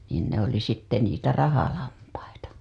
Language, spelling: Finnish, niin ne oli sitten niitä rahalampaita
- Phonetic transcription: niin ne ‿oli sitte niitä 'rahalampaita .

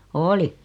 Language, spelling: Finnish, oli
- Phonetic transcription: oli .

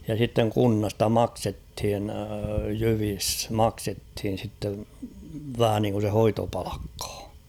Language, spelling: Finnish, ja sitten kunnasta maksettiin jyvissä maksettiin sitten vähän niin kuin se hoitopalkkaa
- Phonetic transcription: ja sitteŋ 'kunnasta "maksethin̳ 'jyvis "maksethin̬ sittev 'vähä niŋku se 'hoitopᴀʟᴀkkᴀᴀ .

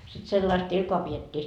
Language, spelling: Finnish, sitten sellaista ilkaa pidettiin
- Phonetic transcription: sit 'sellaist 'ilkoa piet́t́ii .

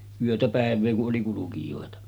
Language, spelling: Finnish, yötä päivää kun oli kulkijoita
- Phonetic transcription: 'yötä 'pä̀ev̆vee ku’ ’oli 'kulukijòeta .

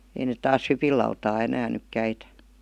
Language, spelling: Finnish, ei ne taas hypinlautaa enää nyt käytä
- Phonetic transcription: ei net taas "hypil̆lautaa 'enään nyk 'käitä .

